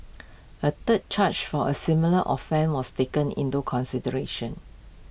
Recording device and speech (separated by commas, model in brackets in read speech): boundary microphone (BM630), read sentence